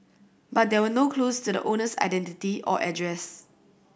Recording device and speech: boundary microphone (BM630), read sentence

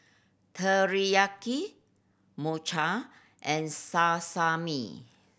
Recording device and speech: boundary microphone (BM630), read sentence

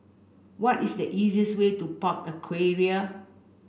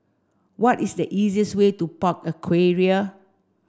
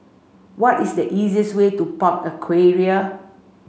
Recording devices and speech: boundary microphone (BM630), standing microphone (AKG C214), mobile phone (Samsung C5), read sentence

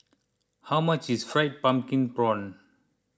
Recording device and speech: close-talking microphone (WH20), read sentence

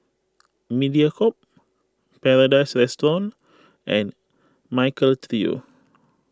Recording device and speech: close-talking microphone (WH20), read sentence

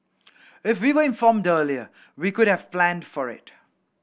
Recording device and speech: boundary microphone (BM630), read sentence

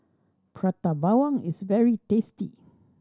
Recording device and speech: standing microphone (AKG C214), read sentence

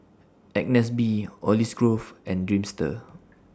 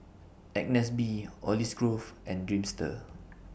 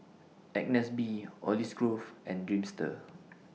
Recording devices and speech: standing microphone (AKG C214), boundary microphone (BM630), mobile phone (iPhone 6), read sentence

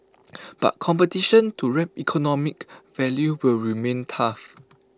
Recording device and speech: close-talking microphone (WH20), read sentence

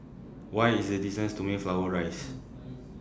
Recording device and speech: standing microphone (AKG C214), read sentence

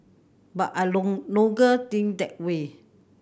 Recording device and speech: boundary microphone (BM630), read sentence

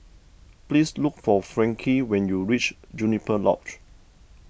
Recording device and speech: boundary microphone (BM630), read sentence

